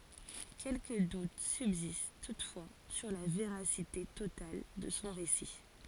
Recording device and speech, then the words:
forehead accelerometer, read sentence
Quelques doutes subsistent toutefois sur la véracité totale de son récit.

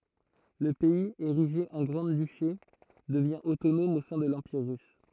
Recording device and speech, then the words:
throat microphone, read sentence
Le pays, érigé en grand-duché, devient autonome au sein de l'Empire russe.

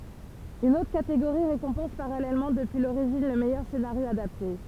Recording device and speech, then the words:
temple vibration pickup, read sentence
Une autre catégorie récompense parallèlement depuis l'origine le meilleur scénario adapté.

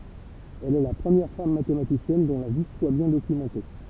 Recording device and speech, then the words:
temple vibration pickup, read sentence
Elle est la première femme mathématicienne dont la vie soit bien documentée.

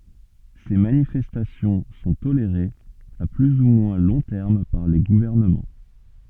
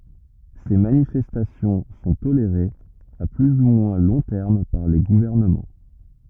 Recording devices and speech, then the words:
soft in-ear microphone, rigid in-ear microphone, read sentence
Ces manifestations sont tolérées à plus ou moins long terme par les gouvernements.

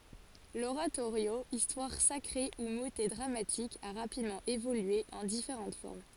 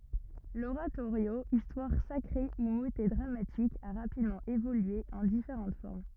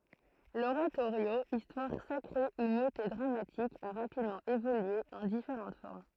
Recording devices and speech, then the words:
forehead accelerometer, rigid in-ear microphone, throat microphone, read sentence
L’oratorio, histoire sacrée ou motet dramatique a rapidement évolué en différentes formes.

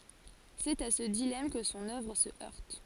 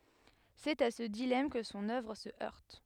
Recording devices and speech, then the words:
forehead accelerometer, headset microphone, read sentence
C'est à ce dilemme que son œuvre se heurte.

